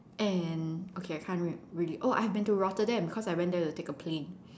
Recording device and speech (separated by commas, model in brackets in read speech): standing microphone, conversation in separate rooms